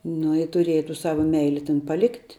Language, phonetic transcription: Lithuanian, ˈnu i tuˈrieja tų ˈsava ˈmeili ten paˈlikt'

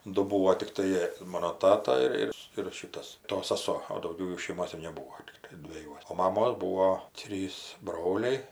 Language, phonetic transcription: Lithuanian, ˈdu ˈbūo tikˈtai ˈmono ˈtata ir ˈir ir ˈšitas ˈto saˈso o dauˈgiau ˈjų šeiˈmos ir neˈbūo tikˈtai dveˈjuos o maˈmos ˈbūo ˈtrys ˈbroliai

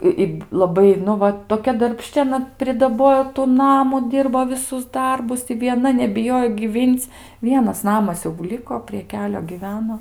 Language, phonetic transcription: Lithuanian, i ˈi laˈbai nu ˈva toˈkia darbˈšči aˈna pridaˈbojo tu ˈnamu ˈdyrbo viˈsus ˈdarbus i vieˈna nebiˈjojo gyˈvyn'c' ˈvienas ˈnamas jau ˈliko prie ˈkelio gyˈveno

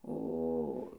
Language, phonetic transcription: Lithuanian, o

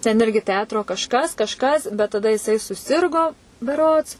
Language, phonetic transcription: Lithuanian, ten ˈirgi ˈteatro kažˈkas kažˈkas bet taˈda jiˈsai suˈsirgo beˈrods

